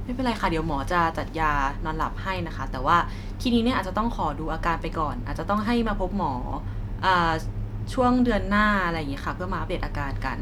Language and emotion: Thai, neutral